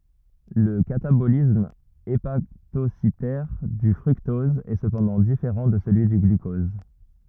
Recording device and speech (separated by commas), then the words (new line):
rigid in-ear microphone, read sentence
Le catabolisme hépatocytaire du fructose est cependant différent de celui du glucose.